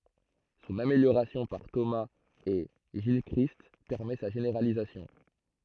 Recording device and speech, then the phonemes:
throat microphone, read sentence
sɔ̃n ameljoʁasjɔ̃ paʁ tomaz e ʒilkʁist pɛʁmɛ sa ʒeneʁalizasjɔ̃

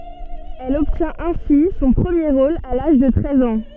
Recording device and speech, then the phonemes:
soft in-ear microphone, read sentence
ɛl ɔbtjɛ̃t ɛ̃si sɔ̃ pʁəmje ʁol a laʒ də tʁɛz ɑ̃

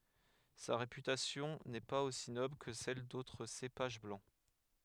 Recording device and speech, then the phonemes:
headset microphone, read sentence
sa ʁepytasjɔ̃ nɛ paz osi nɔbl kə sɛl dotʁ sepaʒ blɑ̃

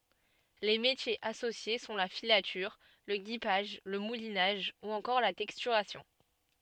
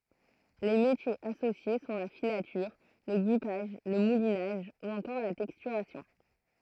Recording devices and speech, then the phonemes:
soft in-ear microphone, throat microphone, read sentence
le metjez asosje sɔ̃ la filatyʁ lə ɡipaʒ lə mulinaʒ u ɑ̃kɔʁ la tɛkstyʁasjɔ̃

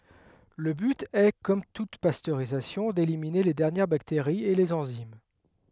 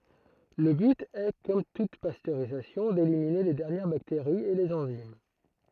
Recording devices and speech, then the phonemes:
headset microphone, throat microphone, read sentence
lə byt ɛ kɔm tut pastøʁizasjɔ̃ delimine le dɛʁnjɛʁ bakteʁiz e lez ɑ̃zim

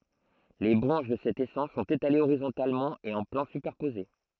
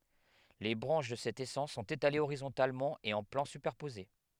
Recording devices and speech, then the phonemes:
throat microphone, headset microphone, read sentence
le bʁɑ̃ʃ də sɛt esɑ̃s sɔ̃t etalez oʁizɔ̃talmɑ̃ e ɑ̃ plɑ̃ sypɛʁpoze

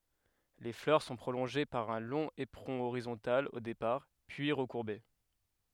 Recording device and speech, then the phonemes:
headset microphone, read sentence
le flœʁ sɔ̃ pʁolɔ̃ʒe paʁ œ̃ lɔ̃ epʁɔ̃ oʁizɔ̃tal o depaʁ pyi ʁəkuʁbe

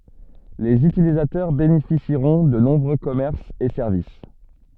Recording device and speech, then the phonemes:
soft in-ear microphone, read sentence
lez ytilizatœʁ benefisiʁɔ̃ də nɔ̃bʁø kɔmɛʁsz e sɛʁvis

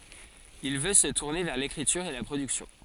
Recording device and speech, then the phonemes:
forehead accelerometer, read sentence
il vø sə tuʁne vɛʁ lekʁityʁ e la pʁodyksjɔ̃

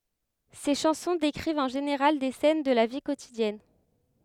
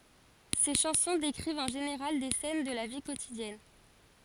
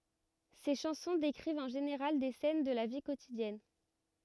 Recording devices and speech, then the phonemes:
headset microphone, forehead accelerometer, rigid in-ear microphone, read sentence
se ʃɑ̃sɔ̃ dekʁivt ɑ̃ ʒeneʁal de sɛn də la vi kotidjɛn

